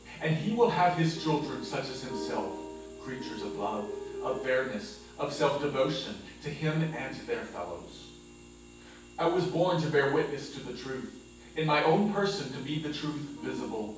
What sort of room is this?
A large space.